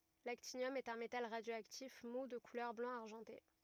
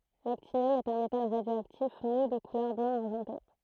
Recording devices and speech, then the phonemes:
rigid in-ear microphone, throat microphone, read sentence
laktinjɔm ɛt œ̃ metal ʁadjoaktif mu də kulœʁ blɑ̃ aʁʒɑ̃te

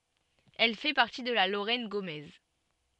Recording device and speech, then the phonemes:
soft in-ear microphone, read sentence
ɛl fɛ paʁti də la loʁɛn ɡomɛz

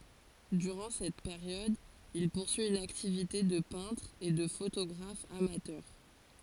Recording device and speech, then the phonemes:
forehead accelerometer, read sentence
dyʁɑ̃ sɛt peʁjɔd il puʁsyi yn aktivite də pɛ̃tʁ e də fotoɡʁaf amatœʁ

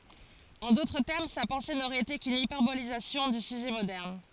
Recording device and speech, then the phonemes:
forehead accelerometer, read sentence
ɑ̃ dotʁ tɛʁm sa pɑ̃se noʁɛt ete kyn ipɛʁbolizasjɔ̃ dy syʒɛ modɛʁn

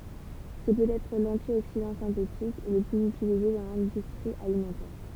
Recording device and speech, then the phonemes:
temple vibration pickup, read sentence
sɛ pøtɛtʁ lɑ̃tjoksidɑ̃ sɛ̃tetik lə plyz ytilize dɑ̃ lɛ̃dystʁi alimɑ̃tɛʁ

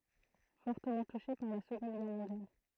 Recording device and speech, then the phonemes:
throat microphone, read sentence
fɔʁtəmɑ̃ tuʃe paʁ la səɡɔ̃d ɡɛʁ mɔ̃djal

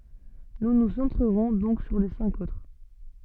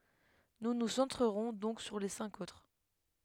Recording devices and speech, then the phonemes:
soft in-ear microphone, headset microphone, read sentence
nu nu sɑ̃tʁəʁɔ̃ dɔ̃k syʁ le sɛ̃k otʁ

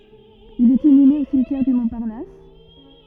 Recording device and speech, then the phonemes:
rigid in-ear microphone, read sentence
il ɛt inyme o simtjɛʁ dy mɔ̃paʁnas

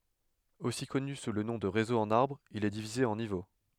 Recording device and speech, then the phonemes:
headset microphone, read sentence
osi kɔny su lə nɔ̃ də ʁezo ɑ̃n aʁbʁ il ɛ divize ɑ̃ nivo

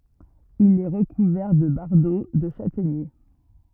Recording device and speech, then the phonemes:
rigid in-ear microphone, read sentence
il ɛ ʁəkuvɛʁ də baʁdo də ʃatɛɲe

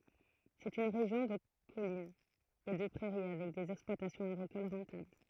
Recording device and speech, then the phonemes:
throat microphone, read sentence
sɛt yn ʁeʒjɔ̃ də kɔlinz e də pʁɛʁi avɛk dez ɛksplwatasjɔ̃z aɡʁikol ʁɑ̃tabl

